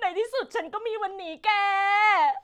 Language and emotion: Thai, happy